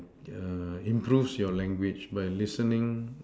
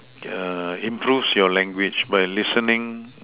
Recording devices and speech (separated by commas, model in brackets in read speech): standing microphone, telephone, conversation in separate rooms